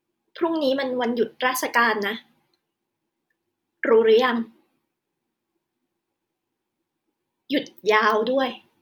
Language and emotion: Thai, sad